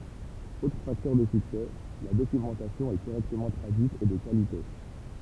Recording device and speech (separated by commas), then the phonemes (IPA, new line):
temple vibration pickup, read sentence
otʁ faktœʁ də syksɛ la dokymɑ̃tasjɔ̃ ɛ koʁɛktəmɑ̃ tʁadyit e də kalite